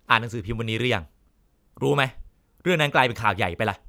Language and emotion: Thai, frustrated